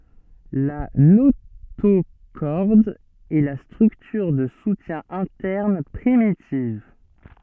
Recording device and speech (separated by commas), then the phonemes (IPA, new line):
soft in-ear microphone, read sentence
la notoʃɔʁd ɛ la stʁyktyʁ də sutjɛ̃ ɛ̃tɛʁn pʁimitiv